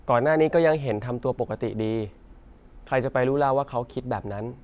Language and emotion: Thai, neutral